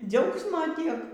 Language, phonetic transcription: Lithuanian, ˈdziaugsmo ˈtiek

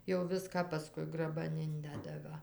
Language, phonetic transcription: Lithuanian, jau ˈviską paˈskui graˈban ˈindeda ˈva

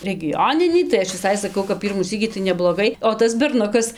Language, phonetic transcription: Lithuanian, regiˈjoninį tai ˈaš viˈsai saˈkau kap ˈpyrmų ˈsykį tai nebloˈgai o ˈtas berˈnukas

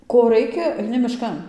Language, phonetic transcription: Lithuanian, ˈko ˈraikia aiˈni miˈškan

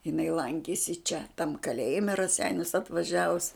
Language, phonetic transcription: Lithuanian, jiˈnai ˈlankėsi čia tam kaˈlėjime i raˈseinius atvaˈžiavus

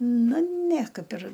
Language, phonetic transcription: Lithuanian, ˈnu ne ˈkaip ir

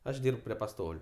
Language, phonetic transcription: Lithuanian, ˈaš ˈdyrb prie paˈstoliu

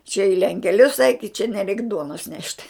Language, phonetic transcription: Lithuanian, čia i lenkeˈlius eik i čia neˈreik ˈduonos nešt

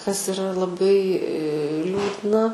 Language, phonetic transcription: Lithuanian, kas iˈra laˈbai ˈliūdna

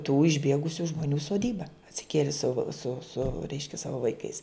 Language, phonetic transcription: Lithuanian, tų išˈbiegusiu žmoˈnių soˈdyba atsiˈkieli su su su ˈreiškia ˈsavo vaiˈkais

